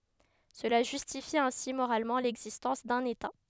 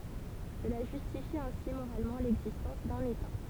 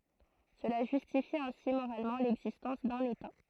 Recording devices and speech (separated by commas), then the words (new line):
headset microphone, temple vibration pickup, throat microphone, read sentence
Cela justifie ainsi moralement l'existence d'un État.